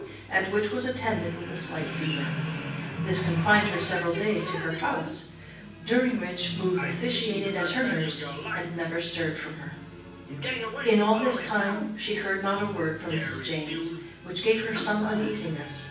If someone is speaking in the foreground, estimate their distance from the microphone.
9.8 m.